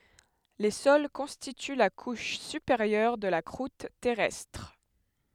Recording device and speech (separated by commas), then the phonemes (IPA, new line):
headset microphone, read sentence
le sɔl kɔ̃stity la kuʃ sypeʁjœʁ də la kʁut tɛʁɛstʁ